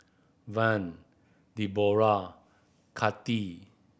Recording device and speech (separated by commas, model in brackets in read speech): boundary microphone (BM630), read sentence